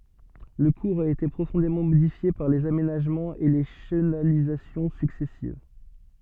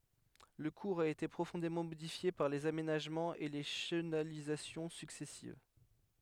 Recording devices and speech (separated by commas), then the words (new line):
soft in-ear microphone, headset microphone, read sentence
Le cours a été profondément modifié par les aménagements et les chenalisations successives.